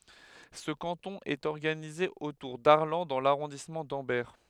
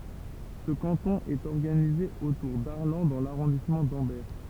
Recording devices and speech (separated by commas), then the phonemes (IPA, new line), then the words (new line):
headset microphone, temple vibration pickup, read sentence
sə kɑ̃tɔ̃ ɛt ɔʁɡanize otuʁ daʁlɑ̃ dɑ̃ laʁɔ̃dismɑ̃ dɑ̃bɛʁ
Ce canton est organisé autour d'Arlanc dans l'arrondissement d'Ambert.